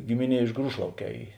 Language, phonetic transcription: Lithuanian, ˈgimiˌnie iš ˈgrūšlauˌkē ˈy

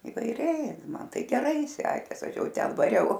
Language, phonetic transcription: Lithuanian, ivaiˈriai ˈman ˈtai geˈrai ˈsekės ˈaš ˈjau ˈten vaˈriau

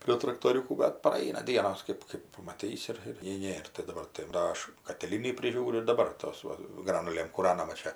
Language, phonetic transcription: Lithuanian, prie traktoˈriūkų bet praˈaina ˈdienos ˈkɜp kɜp pamaˈtysi ˈir ir nei ˈnėr tai daˈbar tai ˈva aš katiˈlynį priˈžiūriu ir daˈbar ˈtos ˈva ˈgranulėm kūˈranama ˈčia

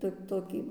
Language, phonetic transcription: Lithuanian, ˈtok' ˈtokį

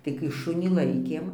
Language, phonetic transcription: Lithuanian, tai kai ˈšunį ˈlaikėm

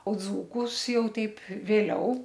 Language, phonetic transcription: Lithuanian, o dzūˈkus ˈjau ˈteip vėˈliau

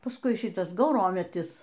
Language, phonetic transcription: Lithuanian, pasˈkui ˈšitas gauˈrometis

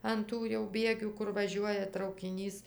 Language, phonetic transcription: Lithuanian, an ˈtų jau ˈbiegių ˈkur vaˈžiuoja traukiˈnys

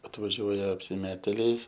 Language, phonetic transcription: Lithuanian, atvaˈžiuoja apsiˈmetėliai

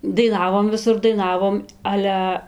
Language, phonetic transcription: Lithuanian, daiˈnavom viˈsur daiˈnavom ˈale

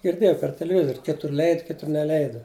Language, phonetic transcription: Lithuanian, girˈdėjau per teleˈvizor' ˈkitur ˈleid ˈkitur neˈleidu

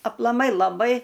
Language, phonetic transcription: Lithuanian, aplaˈmai laˈbai

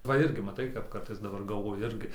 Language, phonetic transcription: Lithuanian, va ˈirgi maˈtai kap ˈkartais daˈbar galˈvoju ˈirgi

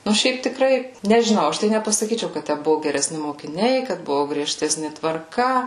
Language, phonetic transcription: Lithuanian, ˈnu ˈšiaip tiˈkrai nežiˈnau ˈaš tai nepasaˈkyčiau kad ˈtæ ˈbuvu gereˈsni mokiˈniai kad ˈbuvu grieˈžtesni tvarˈka

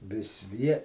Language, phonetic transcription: Lithuanian, ˈvis ˈvie

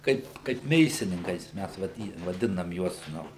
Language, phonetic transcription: Lithuanian, ˈkaip kaip ˈmėsininkais ˈmæs vaˈdy vaˈdinam ˈjuos ˈnu

